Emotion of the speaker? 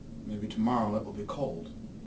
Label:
neutral